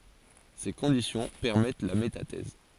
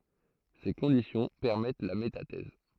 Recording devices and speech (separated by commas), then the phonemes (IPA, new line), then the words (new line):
forehead accelerometer, throat microphone, read sentence
se kɔ̃disjɔ̃ pɛʁmɛt la metatɛz
Ces conditions permettent la métathèse.